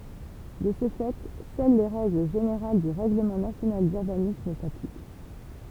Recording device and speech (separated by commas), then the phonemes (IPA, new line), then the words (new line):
temple vibration pickup, read sentence
də sə fɛ sœl le ʁɛɡl ʒeneʁal dy ʁɛɡləmɑ̃ nasjonal dyʁbanism saplik
De ce fait seules les règles générales du règlement national d'urbanisme s'appliquent.